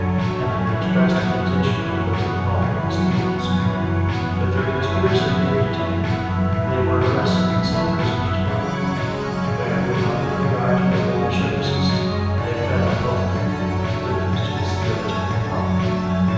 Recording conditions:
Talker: one person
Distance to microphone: 7.1 m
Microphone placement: far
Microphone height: 1.7 m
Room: very reverberant, large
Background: music

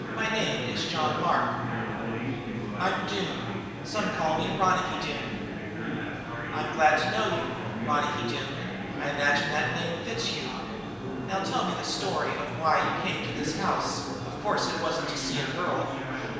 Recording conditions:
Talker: one person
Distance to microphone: 1.7 m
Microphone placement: close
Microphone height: 1.0 m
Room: very reverberant, large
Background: babble

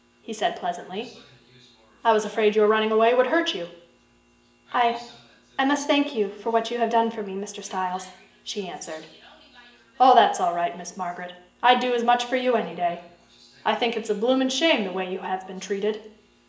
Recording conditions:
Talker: one person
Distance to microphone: 1.8 m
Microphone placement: close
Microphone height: 1.0 m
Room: large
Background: television

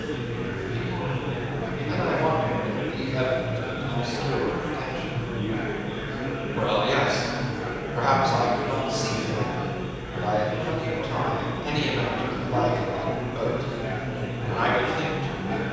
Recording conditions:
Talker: one person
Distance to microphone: 7.1 m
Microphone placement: far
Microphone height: 1.7 m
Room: very reverberant, large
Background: babble

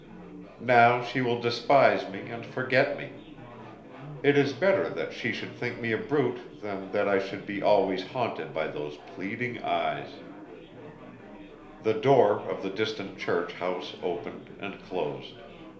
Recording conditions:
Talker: one person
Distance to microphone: 1.0 m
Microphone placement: close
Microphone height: 1.1 m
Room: small (3.7 m by 2.7 m)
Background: babble

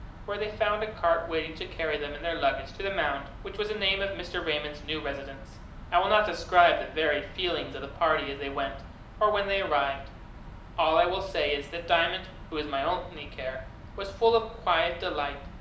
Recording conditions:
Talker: one person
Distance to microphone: 2.0 m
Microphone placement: close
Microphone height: 99 cm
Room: medium-sized (5.7 m by 4.0 m)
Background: none

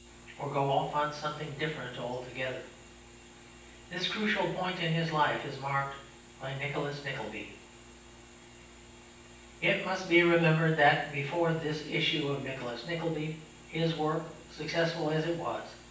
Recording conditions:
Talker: one person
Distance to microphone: 9.8 m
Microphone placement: far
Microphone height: 1.8 m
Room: large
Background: none

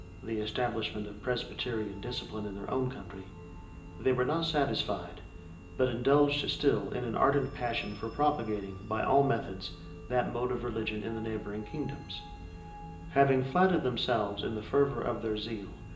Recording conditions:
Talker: one person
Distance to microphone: 1.8 m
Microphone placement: close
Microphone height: 1.0 m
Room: large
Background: music

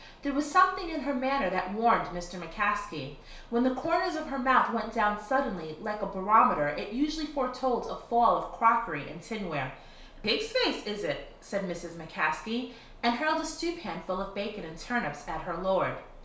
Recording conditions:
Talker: one person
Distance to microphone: 1.0 m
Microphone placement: close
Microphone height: 1.1 m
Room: small (3.7 m by 2.7 m)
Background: none

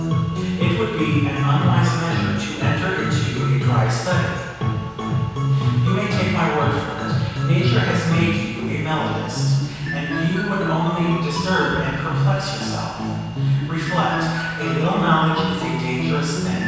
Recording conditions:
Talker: one person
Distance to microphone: 7.1 m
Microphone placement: far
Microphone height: 1.7 m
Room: very reverberant, large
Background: music

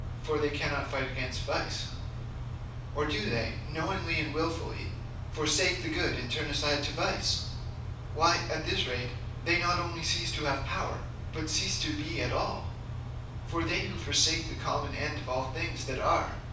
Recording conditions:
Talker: one person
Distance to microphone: 5.8 m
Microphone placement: far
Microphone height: 1.8 m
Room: medium-sized (5.7 m by 4.0 m)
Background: none

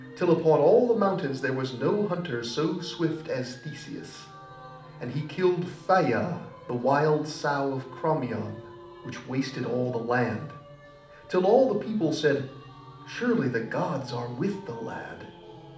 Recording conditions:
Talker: one person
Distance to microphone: 2.0 m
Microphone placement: close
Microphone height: 99 cm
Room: medium-sized (5.7 m by 4.0 m)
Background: music

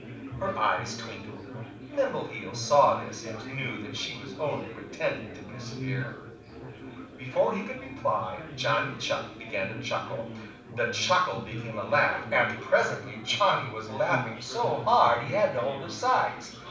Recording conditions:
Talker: one person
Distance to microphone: 5.8 m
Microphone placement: far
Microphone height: 1.8 m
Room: medium-sized (5.7 m by 4.0 m)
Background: babble

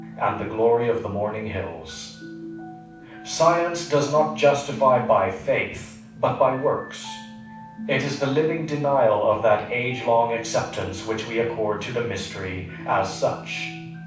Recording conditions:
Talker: one person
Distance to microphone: 5.8 m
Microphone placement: far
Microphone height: 1.8 m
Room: medium-sized (5.7 m by 4.0 m)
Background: music

